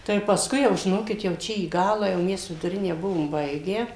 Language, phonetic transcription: Lithuanian, tai pasˈkui jau žiˈnokit jau ˈčia į ˈgalą jau ˈmes viduˈrinę ˈbuvom ˈbaigę

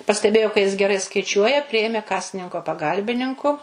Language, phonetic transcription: Lithuanian, pasteˈbėjo ka jis geˈrai skaiˈčiuoja ˈprijėmė ˈkasininko paˈgalbininku

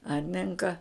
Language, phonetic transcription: Lithuanian, ˈarninka

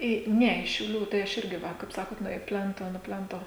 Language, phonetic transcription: Lithuanian, ˈį ˈne iš šiauˈlių tai ˈaš ˈirgi ˈva kaip ˈsakot ˈnu i ˈplento nu ˈplento

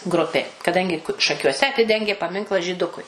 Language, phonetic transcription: Lithuanian, ˈgrupė kaˈdangi šakiuoˈse aˈtidengė paˈminklą žyˈdukui

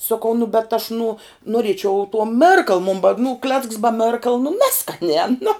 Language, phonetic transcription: Lithuanian, soˈkau nu bet aš nuo nuoˈriečiau tuo ˈmirkal mun ba nu klecks ba ˈmerkal nu ˈneskaniā nu

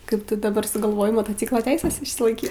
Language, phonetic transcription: Lithuanian, ˈkaip ˈtu daˈbar sugalˈvojai motoˈcyklo ˈteises išsilaiˈkyt

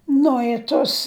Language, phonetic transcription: Lithuanian, ˈnu i tos

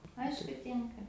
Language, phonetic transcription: Lithuanian, ˈaišku ˈtinka

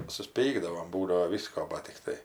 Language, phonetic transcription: Lithuanian, susˈpykdavom ˈbūdavo ˈvysko ˈbat tikˈtai

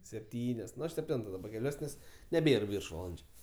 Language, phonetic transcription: Lithuanian, sepˈtynios sepˈtento daˈba keˈliuos nes neˈbėr ˈviršvalandžiu

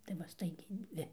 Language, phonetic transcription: Lithuanian, tai ˈva ˈstaigiai ˈdvi

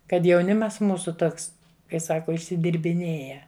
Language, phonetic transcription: Lithuanian, kad jauˈnimas ˈmūsu ˈtoks kai ˈsako išsidirbiˈnėja

